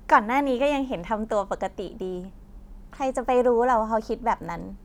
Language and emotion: Thai, happy